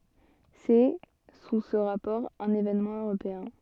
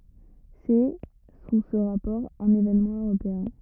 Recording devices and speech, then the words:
soft in-ear microphone, rigid in-ear microphone, read sentence
C'est, sous ce rapport, un événement européen.

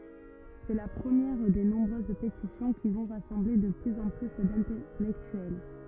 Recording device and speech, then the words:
rigid in-ear microphone, read sentence
C'est la première des nombreuses pétitions qui vont rassembler de plus en plus d'intellectuels.

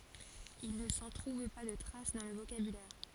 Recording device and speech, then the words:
forehead accelerometer, read sentence
Il ne s'en trouve pas de trace dans le vocabulaire.

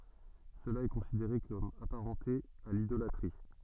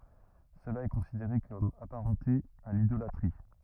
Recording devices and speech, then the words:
soft in-ear microphone, rigid in-ear microphone, read sentence
Cela est considéré comme apparenté à l'idolâtrie.

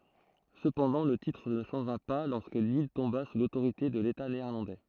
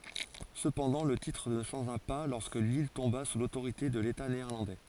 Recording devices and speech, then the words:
throat microphone, forehead accelerometer, read sentence
Cependant, le titre ne changea pas lorsque l'île tomba sous l'autorité de l'État néerlandais.

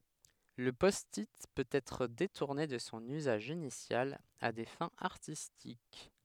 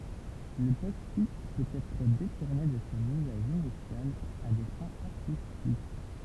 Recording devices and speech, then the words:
headset microphone, temple vibration pickup, read sentence
Le Post-it peut être détourné de son usage initial à des fins artistiques.

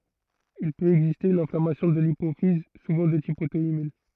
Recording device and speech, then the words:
throat microphone, read sentence
Il peut exister une inflammation de l'hypophyse, souvent de type auto-immun.

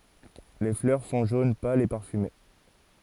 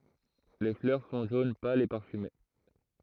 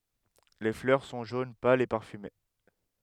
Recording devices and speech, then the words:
forehead accelerometer, throat microphone, headset microphone, read sentence
Les fleurs sont jaune pâle et parfumées.

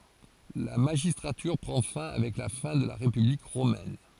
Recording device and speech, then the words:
forehead accelerometer, read sentence
La magistrature prend fin avec la fin de la République romaine.

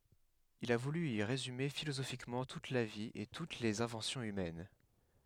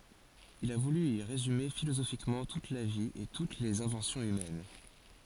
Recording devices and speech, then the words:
headset microphone, forehead accelerometer, read sentence
Il a voulu y résumer philosophiquement toute la vie et toutes les inventions humaines.

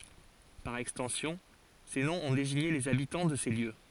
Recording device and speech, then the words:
forehead accelerometer, read sentence
Par extension, ces noms ont désigné les habitants de ces lieux.

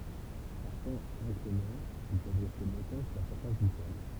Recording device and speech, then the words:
temple vibration pickup, read sentence
Par temps inclément, ils peuvent rester longtemps sous la surface du sol.

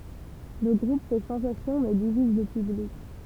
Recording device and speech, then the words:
temple vibration pickup, read sentence
Le groupe fait sensation mais divise le public.

